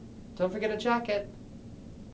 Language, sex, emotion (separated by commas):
English, male, neutral